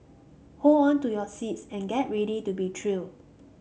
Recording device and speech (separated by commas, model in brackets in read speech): mobile phone (Samsung C5), read sentence